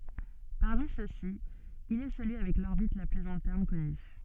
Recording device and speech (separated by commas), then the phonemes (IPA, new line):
soft in-ear microphone, read sentence
paʁmi søksi il ɛ səlyi avɛk lɔʁbit la plyz ɛ̃tɛʁn kɔny